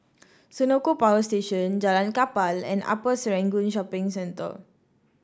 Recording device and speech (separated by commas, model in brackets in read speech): standing microphone (AKG C214), read sentence